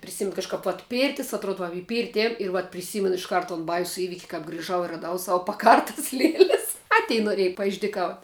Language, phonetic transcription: Lithuanian, priˈsimin kažˈkap vat ˈpyrtis atˈrod va i ˈpyrti ˈėjum ir vat priˈsymen išˈkart ton ˈbaisu ˈįvik' kap griˈžau i raˈdau ˈsavu paˈkartas ˈlieles a ˈtei noˈrėj paišdyˈkaut'

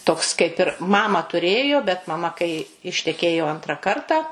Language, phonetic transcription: Lithuanian, ˈtoks kaip ir ˈmamą tuˈrėjo bet maˈma kai išteˈkėjo ˈantrą ˈkartą

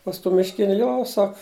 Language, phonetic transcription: Lithuanian, pas ˈtų mišˈkiniu ˈjo ˈsak

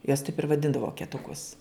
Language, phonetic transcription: Lithuanian, juos taip ir vaˈdindav voketuˈkus

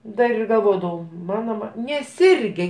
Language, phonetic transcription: Lithuanian, ˈdar ir galˈvodavau ˈmano va neˈsirge

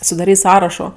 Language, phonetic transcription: Lithuanian, sudaˈryt' ˈsąrašo

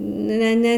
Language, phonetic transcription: Lithuanian, ˈne ˈne

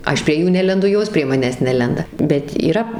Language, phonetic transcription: Lithuanian, ˈaš prie ˈjų ˈnelendu ˈjos prie ˈmanęs ˈnelenda bet yˈra

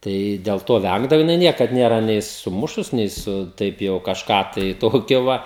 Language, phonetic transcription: Lithuanian, ˈtai dėl ˈto ˈvængdavo jiˈnai ˈniekad ˈnėra nei suˈmušus nei ˈsu ˈtaip jau kažˈką tai ˈtokio ˈva

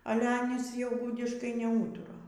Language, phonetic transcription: Lithuanian, ˈale ˈanys jau ˈgudiškai neˈūtura

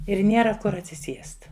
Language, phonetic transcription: Lithuanian, ir ˈniera ˈkur atsiˈsiest

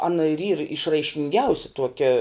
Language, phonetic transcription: Lithuanian, ˈana ir yr išraiškinˈgiausi ˈtuokia

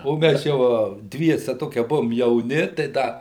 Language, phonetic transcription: Lithuanian, o ˈmæs jau a ˈdviese ˈtokie ˈbuvom jauˈni tai ˈda

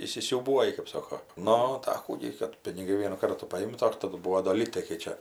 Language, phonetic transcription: Lithuanian, įsisiūˈbuoji kɜp ˈsoko ˈnu tai a ˈkų gi kad piniˈgai ˈvienų ˈkartų paˈimta ˈdar taˈdu ˈbūo do ˈlytai kai ˈčia

